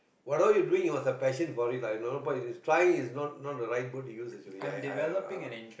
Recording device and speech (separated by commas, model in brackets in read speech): boundary microphone, conversation in the same room